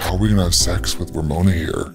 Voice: deep voice